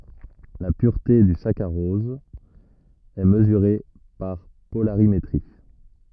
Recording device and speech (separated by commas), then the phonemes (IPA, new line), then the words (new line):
rigid in-ear microphone, read sentence
la pyʁte dy sakaʁɔz ɛ məzyʁe paʁ polaʁimetʁi
La pureté du saccharose est mesurée par polarimétrie.